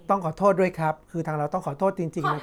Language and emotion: Thai, neutral